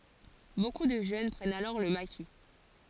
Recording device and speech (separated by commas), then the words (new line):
forehead accelerometer, read sentence
Beaucoup de jeunes prennent alors le maquis.